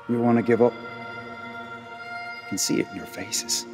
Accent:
Irish accent